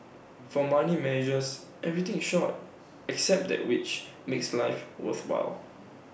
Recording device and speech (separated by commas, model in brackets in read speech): boundary microphone (BM630), read sentence